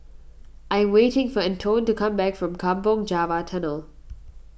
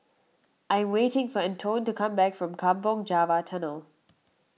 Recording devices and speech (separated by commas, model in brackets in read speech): boundary microphone (BM630), mobile phone (iPhone 6), read sentence